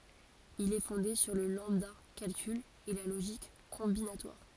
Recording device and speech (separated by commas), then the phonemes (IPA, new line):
forehead accelerometer, read sentence
il ɛ fɔ̃de syʁ lə lɑ̃bdakalkyl e la loʒik kɔ̃binatwaʁ